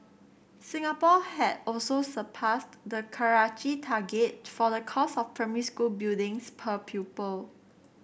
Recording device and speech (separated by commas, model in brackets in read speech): boundary microphone (BM630), read sentence